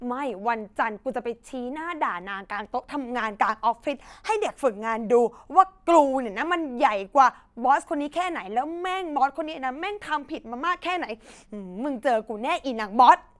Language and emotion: Thai, angry